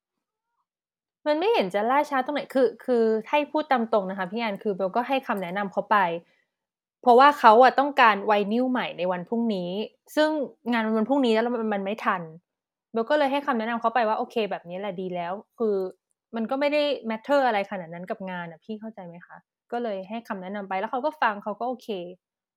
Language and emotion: Thai, frustrated